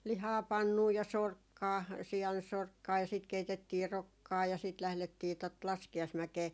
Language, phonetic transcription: Finnish, 'lihaa 'pannuu ja "sorkkaa , 'si₍ansorkkaa ja siit 'keitettii "rokkaa ja siit 'lählettii tot 'laski₍aismäkee .
- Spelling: lihaa pannuun ja sorkkaa siansorkkaa ja sitten keitettiin rokkaa ja sitten lähdettiin tuota laskiaismäkeen

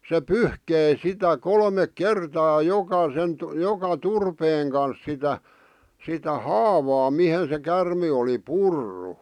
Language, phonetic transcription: Finnish, se "pyhkei sitä 'kolmek "kertaa 'jokasen , 'joka 'turpeeŋ kans sitä , sitä "haavaa 'mihen se kärme oli 'purru .
- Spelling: se pyyhki sitä kolme kertaa jokaisen joka turpeen kanssa sitä sitä haavaa mihin se käärme oli purrut

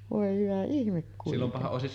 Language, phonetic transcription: Finnish, vòe hyvä 'ihmek kuitenni .
- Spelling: voi hyvä ihme kuitenkin

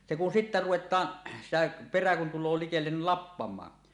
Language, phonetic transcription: Finnish, se kun sittä "ruwet̀aan , sitä , 'perä kun tul̆loo 'likellen ni "lappam̀aa .
- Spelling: se kun sitten ruvetaan sitä perä kun tulee likelle niin lappamaan

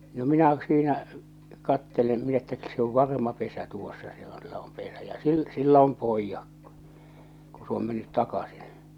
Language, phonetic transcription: Finnish, no "minä siinä , 'kattelem min ‿että , se ov "varma 'pesä 'tuossa se on , se om 'pesä ja 'sil- 'sillᵃ̈ ‿om "poijjak kᴜ , ku s ‿oom mennyt 'takasɪɴ .
- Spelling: no minä siinä katselen minä että se on varma pesä tuossa se on se on pesä ja - sillä on pojat kun kun se on mennyt takaisin

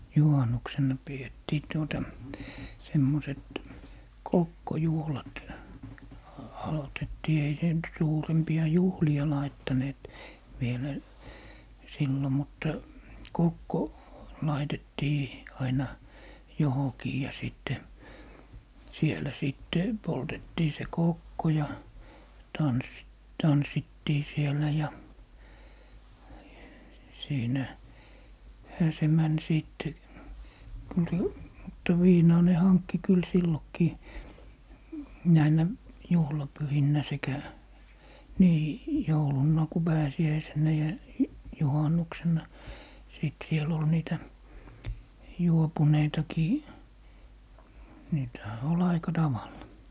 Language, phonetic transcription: Finnish, "juhannuksenna 'pi₍ettii 'tuota , 'semmoset , "kokko'juhlat , a - 'alotettii 'ei 'se nyt 'suurempi₍a "juhli₍a 'laittaneet , 'vielä , 'sillo 'mutta , "kokko , 'laitettii , 'aina , 'johokii ja 'sìtte , 'sielä 'sìtte 'Boltettii se "kòkko ja , 'tans- , "tanssittii 'siel̀ä ja , 'siinä- , -'hä se 'män 'sìtte , kyl se , mutta "viinaa ne 'hankki kyl 'sillokkii , 'näinä , 'juhlapyhinnä 'sekä , 'nii , 'joulunnà , ku 'pääsi₍äiseǹä ja , 'juhannuksenna , 'sìt 'siel ‿ol 'niitä , "juopuneitakii , niitᵃ̈hä 'ol "aika 'taval̀a .
- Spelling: juhannuksena pidettiin tuota semmoiset kokkojuhlat - aloitettiin ei se nyt suurempia juhlia laittaneet vielä silloin mutta kokko laitettiin aina johonkin ja sitten siellä sitten poltettiin se kokko ja - tanssittiin siellä ja - siinähän se meni sitten kyllä se mutta viinaa ne hankki kyllä silloinkin näinä juhlapyhinä sekä niin jouluna kun pääsiäisenä ja juhannuksena sitten siellä oli niitä juopuneitakin niitähän oli aika tavalla

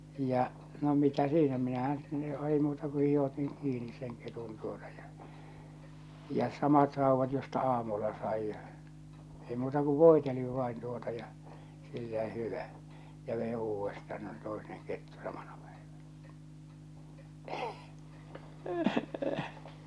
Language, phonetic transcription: Finnish, ja , no 'mitä "siinä 'minähän sitte , ei muuta ku hih- otiŋ kiinis seŋ ketun tuotᴀ ᴊᴀ , ja 'samat 'rauvat josta 'aamulla saij ja , ei muuta ku "vòiteliv vain tuota ja , sillä 'hyvä , ja vei 'uuvvesta no se 'toineŋ kettu samaɴᴀ pᴀ̈ɪᴠᴀ̈ɴᴀ̈ .
- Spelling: ja no mitä siinä minähän sitten ei muuta kuin - otin kiinni sen ketun tuota ja ja samat raudat josta aamulla sain ja ei muuta kuin voitelin vain tuota ja sillä hyvä ja vein uudestaan no se toinen kettu samana päivänä

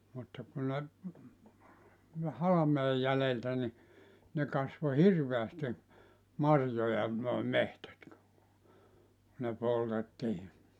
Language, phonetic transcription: Finnish, mutta ku ne , (ku ne) 'halameej 'jäleltä ni , ne kasvo "hirveästi , 'marjoja nòe "mehtät (ku) , ne 'poltettii .
- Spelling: mutta kun ne kun ne halmeen jäljiltä niin ne kasvoi hirveästi marjoja nuo metsät kun ne poltettiin

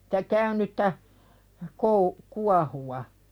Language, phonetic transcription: Finnish, stä 'käynyttä , kou- , "kuahuwa .
- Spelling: sitä käynyttä - kuohuvaa

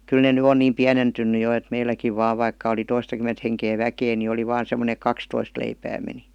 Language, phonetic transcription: Finnish, 'kyl ne ny "on niim 'piänentynny jo et 'meiläkiv 'vaa vaikka oli 'toistakym̀ent heŋkee "väkee ni oli 'vaan̬ sem°ne [e]k̥ "kakstoist leipää meni .
- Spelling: kyllä ne nyt on niin pienentynyt jo että meilläkin vain vaikka oli toistakymmentä henkeä väkeä niin oli vain semmoinen että kaksitoista leipää meni

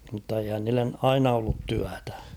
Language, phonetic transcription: Finnish, mⁿtta eihän niillen "aina ollut 'tyätᴀ̈ .
- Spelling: mutta eihän niille aina ollut työtä

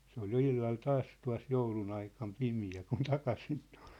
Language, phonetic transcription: Finnish, se ‿ol jo 'illal 'taas tua̭s'joulun ‿aikam 'pimi₍ä kun 'takasin tᴜʟ .
- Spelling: se oli jo illalla taas tuossa joulun aikana pimeä kun takaisin tuli

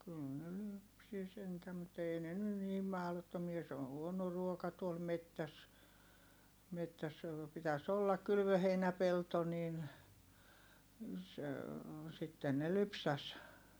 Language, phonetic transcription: Finnish, kyl ne lypsi sentä mut ‿ei ne ny niim mahlottomia se on̬ huono ruoka tuol mettäs , mettäs (--) pitäs ‿ollak̆ kylvöheinäpelto niin , se , sitten ne lypsäs .
- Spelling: kyllä ne lypsi sentään mutta ei ne nyt niin mahdottomia se on huono ruoka tuolla metsässä metsässä - pitäisi olla kylvöheinäpelto niin se sitten ne lypsäisi

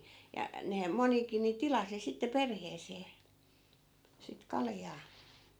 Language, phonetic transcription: Finnish, ja , nehäm 'monikin ni "tilasi sitte 'perheesee , sit 'kaljaa .
- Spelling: ja nehän monikin niin tilasi sitten perheeseen sitten kaljaa

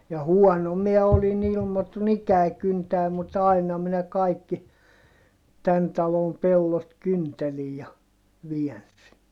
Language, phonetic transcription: Finnish, ja huɔno miɛ olin ‿ilmotun ‿ikäi kyntää mut ‿aina minä kaikki , tän talom pellot kyntelij ja , viɛnsi .
- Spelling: ja huono minä olin ilmotun ikäni kyntämään mutta aina minä kaikki tämän talon pellot kyntelin ja väänsin

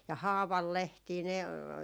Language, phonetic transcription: Finnish, ja "haavallehtii ne ,.
- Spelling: ja haavanlehtiä ne

